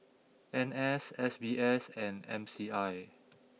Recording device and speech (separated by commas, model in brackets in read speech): mobile phone (iPhone 6), read sentence